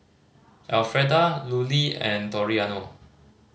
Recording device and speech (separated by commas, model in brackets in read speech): mobile phone (Samsung C5010), read sentence